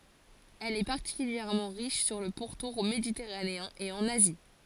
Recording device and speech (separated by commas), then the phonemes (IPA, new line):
forehead accelerometer, read sentence
ɛl ɛ paʁtikyljɛʁmɑ̃ ʁiʃ syʁ lə puʁtuʁ meditɛʁaneɛ̃ e ɑ̃n azi